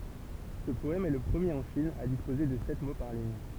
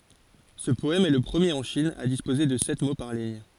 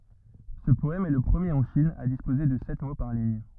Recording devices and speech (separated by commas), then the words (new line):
temple vibration pickup, forehead accelerometer, rigid in-ear microphone, read sentence
Ce poème est le premier en Chine à disposer de sept mots par ligne.